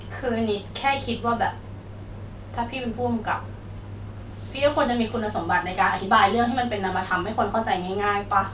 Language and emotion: Thai, frustrated